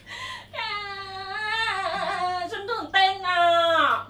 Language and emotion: Thai, happy